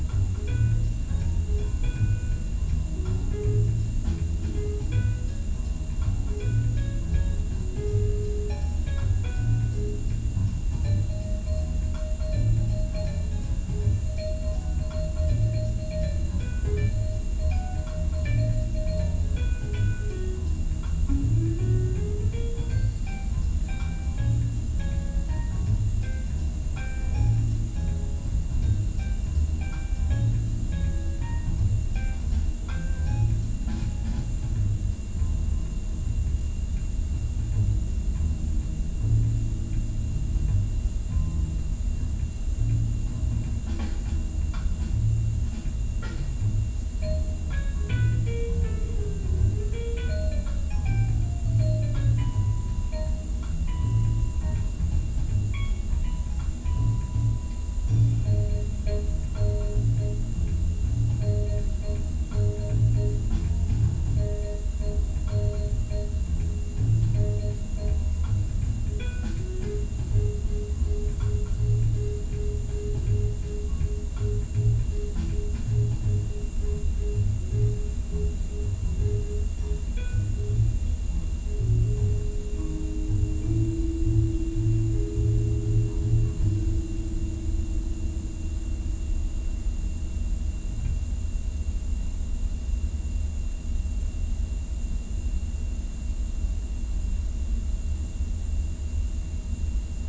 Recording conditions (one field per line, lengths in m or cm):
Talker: no one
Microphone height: 1.8 m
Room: large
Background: music